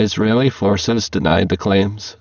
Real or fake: fake